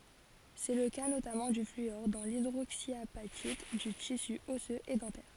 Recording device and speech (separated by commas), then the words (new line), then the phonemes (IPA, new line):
forehead accelerometer, read sentence
C'est le cas notamment du fluor dans l'hydroxyapatite du tissu osseux et dentaire.
sɛ lə ka notamɑ̃ dy flyɔʁ dɑ̃ lidʁoksjapatit dy tisy ɔsøz e dɑ̃tɛʁ